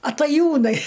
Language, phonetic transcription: Lithuanian, ataˈjūnai

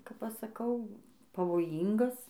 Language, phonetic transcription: Lithuanian, kap ˈaš saˈkau pavoˈjyngas

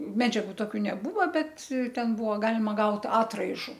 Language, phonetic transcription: Lithuanian, ˈmedžiagu ˈtokiu neˈbūva ˈbet ˈten ˈbūva ˈgalima ˈgaut ˈatraižu

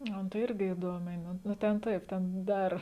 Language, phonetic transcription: Lithuanian, ˈa nu tai ˈirgi iˈduomiai nu nu ˈten ˈtaip ˈten ˈdar

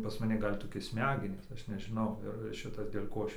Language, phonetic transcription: Lithuanian, pas maˈni ˈgal' toˈki ˈsmegenys ˈaš nežiˈnau ir ˈšitas dėl' ˈko ˈaš

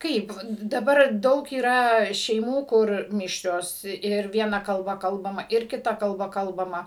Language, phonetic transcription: Lithuanian, ˈkaip daˈbar ˈdaug yˈra šeiˈmų ˈkur ˈmišrios ir ˈviena kalˈba ˈkalbama ir kiˈta kalˈba ˈkalbama

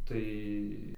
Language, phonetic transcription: Lithuanian, ˈtai

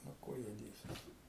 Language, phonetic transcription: Lithuanian, nu ˈkur jau ˈdėsies

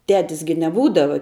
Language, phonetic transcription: Lithuanian, ˈtetis gi neˈbūdava

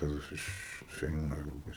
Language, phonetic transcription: Lithuanian, tas ˈiš seˈniūnas ˈgrupes

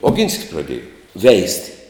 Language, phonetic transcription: Lithuanian, oˈginskis praˈdėja ˈveisti

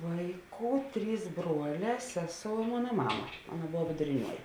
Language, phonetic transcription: Lithuanian, ˈvaiˌkų ˈtrys ˈbruoˌlē ˈseˌsou i ˈmona ˈmama ˈana ˈbov viduriˈniuoji

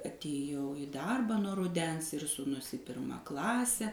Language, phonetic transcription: Lithuanian, atėˈjau i ˈdarbą nuo ruˈdens ir sūˈnu s į ˈpirma ˈklase

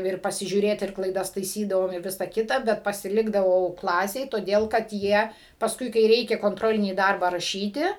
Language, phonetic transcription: Lithuanian, ˈir pasižiūˈrėt ir klaiˈdas taiˈsydavom i ˈvisa ˈkita ˈbet pasiˈlikdavau ˈklasėj toˈdėl kad ˈjie pasˈkui kai ˈreikia konˈtrolinį ˈdarbą raˈšyti

